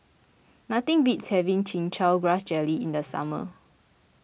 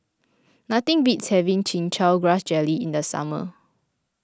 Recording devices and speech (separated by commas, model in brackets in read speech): boundary microphone (BM630), close-talking microphone (WH20), read sentence